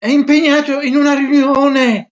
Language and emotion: Italian, fearful